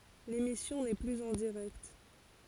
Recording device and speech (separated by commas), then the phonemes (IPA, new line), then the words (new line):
forehead accelerometer, read sentence
lemisjɔ̃ nɛ plyz ɑ̃ diʁɛkt
L'émission n'est plus en direct.